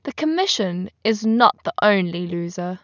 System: none